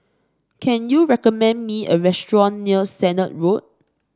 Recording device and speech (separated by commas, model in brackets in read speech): standing microphone (AKG C214), read sentence